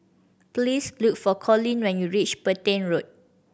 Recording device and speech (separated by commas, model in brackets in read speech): boundary microphone (BM630), read sentence